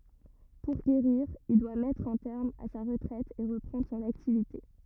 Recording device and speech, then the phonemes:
rigid in-ear microphone, read sentence
puʁ ɡeʁiʁ il dwa mɛtʁ œ̃ tɛʁm a sa ʁətʁɛt e ʁəpʁɑ̃dʁ sɔ̃n aktivite

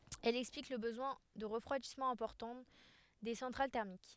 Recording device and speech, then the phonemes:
headset microphone, read sentence
ɛl ɛksplik lə bəzwɛ̃ də ʁəfʁwadismɑ̃ ɛ̃pɔʁtɑ̃ de sɑ̃tʁal tɛʁmik

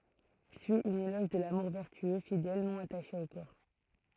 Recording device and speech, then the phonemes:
throat microphone, read sentence
syi œ̃n elɔʒ də lamuʁ vɛʁtyø fidɛl nɔ̃ ataʃe o kɔʁ

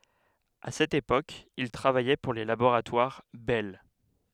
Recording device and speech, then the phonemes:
headset microphone, read sentence
a sɛt epok il tʁavajɛ puʁ le laboʁatwaʁ bɛl

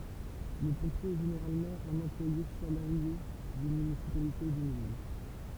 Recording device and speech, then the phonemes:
temple vibration pickup, read sentence
lə pɔ̃pje ɛ ʒeneʁalmɑ̃ œ̃n ɑ̃plwaje salaʁje dyn mynisipalite u dyn vil

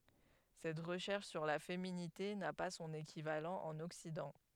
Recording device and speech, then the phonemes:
headset microphone, read sentence
sɛt ʁəʃɛʁʃ syʁ la feminite na pa sɔ̃n ekivalɑ̃ ɑ̃n ɔksidɑ̃

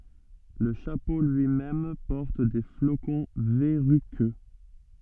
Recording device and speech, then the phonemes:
soft in-ear microphone, read sentence
lə ʃapo lyimɛm pɔʁt de flokɔ̃ vɛʁykø

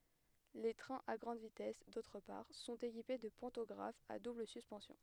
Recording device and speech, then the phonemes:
headset microphone, read sentence
le tʁɛ̃z a ɡʁɑ̃d vitɛs dotʁ paʁ sɔ̃t ekipe də pɑ̃tɔɡʁafz a dubl syspɑ̃sjɔ̃

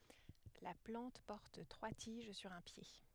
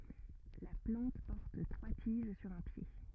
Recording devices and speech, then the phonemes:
headset microphone, rigid in-ear microphone, read sentence
la plɑ̃t pɔʁt tʁwa tiʒ syʁ œ̃ pje

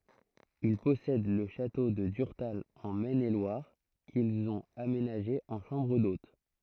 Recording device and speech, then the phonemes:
throat microphone, read sentence
il pɔsɛd lə ʃato də dyʁtal ɑ̃ mɛn e lwaʁ kilz ɔ̃t amenaʒe ɑ̃ ʃɑ̃bʁ dot

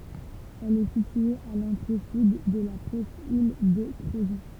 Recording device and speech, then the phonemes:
temple vibration pickup, read sentence
ɛl ɛ sitye a lɑ̃tʁe syd də la pʁɛskil də kʁozɔ̃

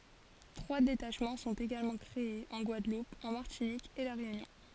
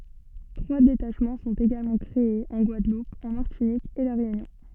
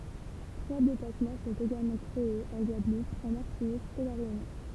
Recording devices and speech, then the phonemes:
forehead accelerometer, soft in-ear microphone, temple vibration pickup, read sentence
tʁwa detaʃmɑ̃ sɔ̃t eɡalmɑ̃ kʁeez ɑ̃ ɡwadlup ɑ̃ maʁtinik e la ʁeynjɔ̃

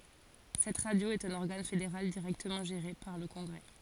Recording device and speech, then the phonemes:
forehead accelerometer, read sentence
sɛt ʁadjo ɛt œ̃n ɔʁɡan fedeʁal diʁɛktəmɑ̃ ʒeʁe paʁ lə kɔ̃ɡʁɛ

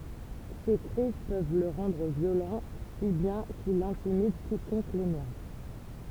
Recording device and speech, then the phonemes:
temple vibration pickup, read sentence
se kʁiz pøv lə ʁɑ̃dʁ vjolɑ̃ si bjɛ̃ kil ɛ̃timid kikɔ̃k lenɛʁv

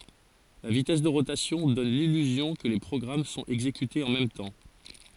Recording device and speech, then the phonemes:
forehead accelerometer, read sentence
la vitɛs də ʁotasjɔ̃ dɔn lilyzjɔ̃ kə le pʁɔɡʁam sɔ̃t ɛɡzekytez ɑ̃ mɛm tɑ̃

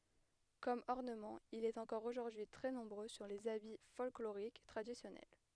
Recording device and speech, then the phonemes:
headset microphone, read sentence
kɔm ɔʁnəmɑ̃ il ɛt ɑ̃kɔʁ oʒuʁdyi tʁɛ nɔ̃bʁø syʁ lez abi fɔlkloʁik tʁadisjɔnɛl

